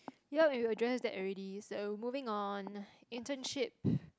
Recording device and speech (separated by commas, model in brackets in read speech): close-talking microphone, conversation in the same room